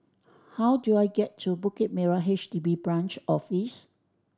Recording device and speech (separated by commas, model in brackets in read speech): standing microphone (AKG C214), read sentence